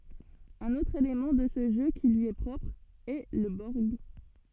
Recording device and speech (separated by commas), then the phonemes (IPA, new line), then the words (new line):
soft in-ear microphone, read sentence
œ̃n otʁ elemɑ̃ də sə ʒø ki lyi ɛ pʁɔpʁ ɛ lə bɔʁɡ
Un autre élément de ce jeu qui lui est propre, est le borg.